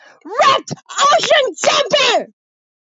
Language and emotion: English, disgusted